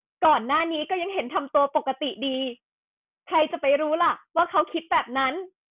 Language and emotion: Thai, sad